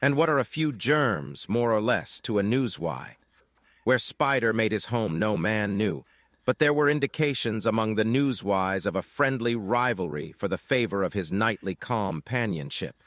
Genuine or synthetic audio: synthetic